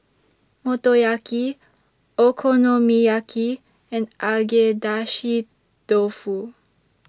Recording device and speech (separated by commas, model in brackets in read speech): standing microphone (AKG C214), read sentence